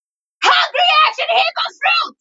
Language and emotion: English, angry